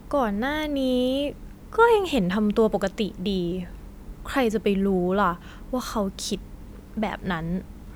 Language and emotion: Thai, frustrated